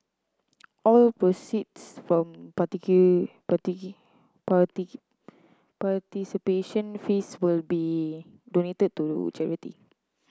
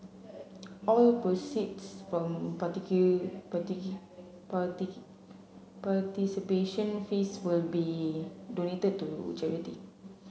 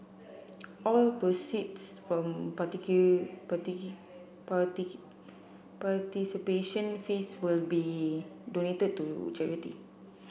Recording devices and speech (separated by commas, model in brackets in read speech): close-talking microphone (WH30), mobile phone (Samsung C7), boundary microphone (BM630), read sentence